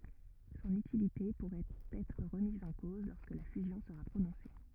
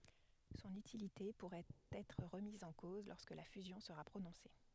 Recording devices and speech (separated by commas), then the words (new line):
rigid in-ear microphone, headset microphone, read sentence
Son utilité pourrait être remise en cause lorsque la fusion sera prononcée.